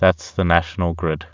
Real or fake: real